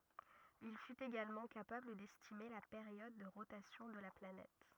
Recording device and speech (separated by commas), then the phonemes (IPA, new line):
rigid in-ear microphone, read sentence
il fyt eɡalmɑ̃ kapabl dɛstime la peʁjɔd də ʁotasjɔ̃ də la planɛt